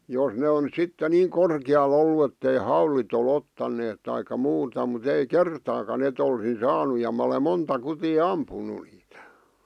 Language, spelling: Finnish, jos ne on sitten niin korkealla ollut että ei haulit ole ottaneet tai muuta mutta ei kertaakaan että olisin saanut ja minä olen monta kutia ampunut niitä
- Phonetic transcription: jos ne on 'sitte niiŋ 'korkⁱjal ‿ollu ettei "haulit ‿o'l ‿ottanneet taika 'muuta mu't ‿ei "kertaaka'n ‿et ‿olsin 'saanu ja mᵃ̈ ole 'monta 'kutii "ampunu niitᴀ̈ .

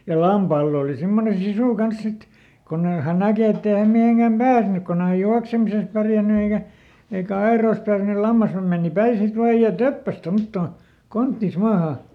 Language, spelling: Finnish, ja lampaalla oli semmoinen sisu kanssa sitten kun ei hän näkee että ei hän mihinkään päässyt kun ei hän juoksemisessa pärjännyt eikä eikä aidoissa tarvinnut - lammashan meni päin sitten vain ja töppäsi tuommottoon konttinsa maahan
- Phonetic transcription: ja ˈlampaall ‿òli simmone "sisù ˈkans ˈsit , konn ‿ei , hän ˈnäkè ˈett ‿ei häm ˈmiheŋkäm "pääsnyk konn ‿e häj ˈjuaksemises pärjänny eikä , eikä ˈaeròⁱs tarvⁱnu – "lammasham mèni ˈpäi ˈsit ˈvaaj ja "töppäs ˈtomttòn , ˈkonttìs ˈmaahà .

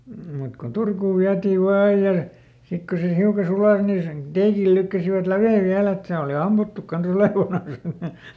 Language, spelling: Finnish, mutta kun Turkuun vietiin vain aina ja sitten kun se hiukan suli niin sen teikillä lykkäsivät läven vielä että se oli ammuttu kanssa olevanansa
- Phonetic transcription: mut ko "Turkuuv ˈviätiiv vaa ˈaij ja , ˈsik ko se ˈhiuka "sulàs nin sen , ˈteekil ˈlykkäsivät "lävè ˈviäl ‿et se oli ˈammuttuk kanˈs ‿olèvanan̬s .

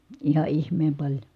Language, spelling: Finnish, ihan ihmeen paljon
- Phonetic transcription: iha ihmeem paĺjo .

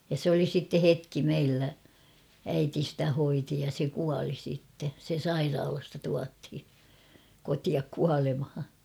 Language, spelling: Finnish, ja se oli sitten hetki meillä äiti sitä hoiti ja se kuoli sitten se sairaalasta tuotiin kotiin kuolemaan
- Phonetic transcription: ja sᵉ ‿oli sitte "hetki 'meillä ; 'äiti stä 'hoiti ja se 'kuali sitte ; se "sairaalasta 'tuathi , 'kotiak 'kualemha .

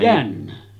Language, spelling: Finnish, jänne
- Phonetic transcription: 'jänne .

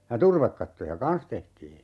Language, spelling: Finnish, ja turvekattoja kanssa tehtiin
- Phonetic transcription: ja "turvekkattoja "kan̬s tehtii .

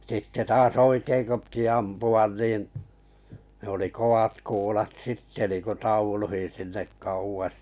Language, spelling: Finnish, sitten taas oikein kun piti ampua niin ne oli kovat kuulat sitten niin kuin tauluihin sinne kauas
- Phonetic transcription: sitte 'taas "oikeiŋ ko piti 'ampu₍an niin , ne ‿oli koʷat kuulat "sitte niiku "tauluhin sinnek 'kauwas .

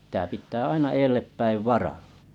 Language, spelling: Finnish, se pitää pitää aina edelle päin varalla
- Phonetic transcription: sᵉ pⁱt̀ää pit̆tää 'aina 'elleppäiv "varᴀʟʟᴀ .

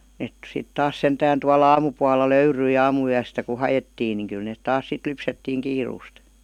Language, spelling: Finnish, ne sitten taas sentään tuolla aamupuolella löytyi aamuyöstä kun haettiin niin kyllä ne taas sitten lypsettiin kiireesti
- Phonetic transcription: 'net 'sit 'taas "sentään tua"l ‿aamupualla "löyryi 'aamu₍yästä ku "hajettiin niŋ 'kyl net 'taas sit 'lypsettiiŋ "kiiruust .

